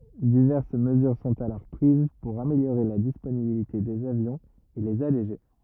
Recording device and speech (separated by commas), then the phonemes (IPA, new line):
rigid in-ear microphone, read sentence
divɛʁs məzyʁ sɔ̃t alɔʁ pʁiz puʁ ameljoʁe la disponibilite dez avjɔ̃z e lez aleʒe